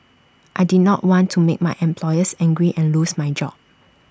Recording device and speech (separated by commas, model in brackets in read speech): standing microphone (AKG C214), read sentence